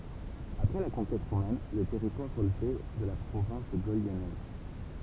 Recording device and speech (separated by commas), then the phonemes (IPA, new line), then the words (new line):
temple vibration pickup, read sentence
apʁɛ la kɔ̃kɛt ʁomɛn lə tɛʁitwaʁ ʁəlvɛ də la pʁovɛ̃s də ɡol ljɔnɛz
Après la conquête romaine le territoire relevait de la province de Gaule lyonnaise.